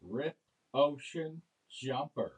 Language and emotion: English, disgusted